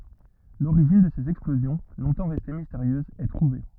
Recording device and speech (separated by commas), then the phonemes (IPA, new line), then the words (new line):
rigid in-ear microphone, read sentence
loʁiʒin də sez ɛksplozjɔ̃ lɔ̃tɑ̃ ʁɛste misteʁjøzz ɛ tʁuve
L'origine de ces explosions, longtemps restées mystérieuses, est trouvée.